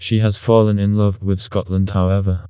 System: TTS, vocoder